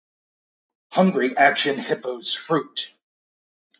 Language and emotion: English, angry